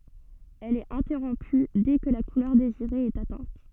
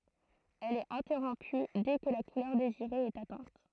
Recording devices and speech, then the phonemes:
soft in-ear microphone, throat microphone, read sentence
ɛl ɛt ɛ̃tɛʁɔ̃py dɛ kə la kulœʁ deziʁe ɛt atɛ̃t

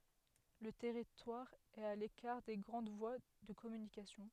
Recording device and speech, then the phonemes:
headset microphone, read sentence
lə tɛʁitwaʁ ɛt a lekaʁ de ɡʁɑ̃d vwa də kɔmynikasjɔ̃

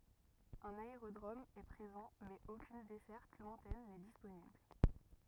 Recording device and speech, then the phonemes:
rigid in-ear microphone, read sentence
œ̃n aeʁodʁom ɛ pʁezɑ̃ mɛz okyn dɛsɛʁt lwɛ̃tɛn nɛ disponibl

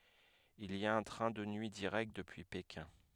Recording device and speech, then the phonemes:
headset microphone, read sentence
il i a œ̃ tʁɛ̃ də nyi diʁɛkt dəpyi pekɛ̃

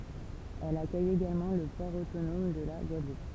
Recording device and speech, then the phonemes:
temple vibration pickup, read sentence
ɛl akœj eɡalmɑ̃ lə pɔʁ otonɔm də la ɡwadlup

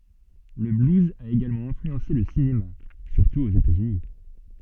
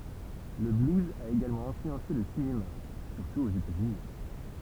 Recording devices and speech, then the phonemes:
soft in-ear microphone, temple vibration pickup, read sentence
lə bluz a eɡalmɑ̃ ɛ̃flyɑ̃se lə sinema syʁtu oz etaz yni

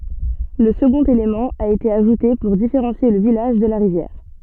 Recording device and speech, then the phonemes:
soft in-ear microphone, read sentence
lə səɡɔ̃t elemɑ̃ a ete aʒute puʁ difeʁɑ̃sje lə vilaʒ də la ʁivjɛʁ

